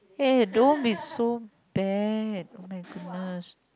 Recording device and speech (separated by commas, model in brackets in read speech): close-talking microphone, conversation in the same room